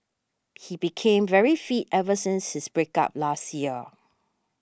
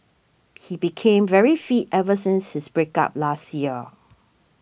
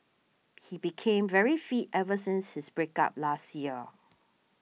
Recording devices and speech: standing microphone (AKG C214), boundary microphone (BM630), mobile phone (iPhone 6), read sentence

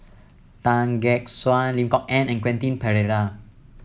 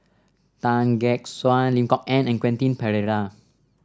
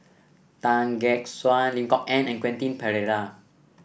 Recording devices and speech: mobile phone (iPhone 7), standing microphone (AKG C214), boundary microphone (BM630), read sentence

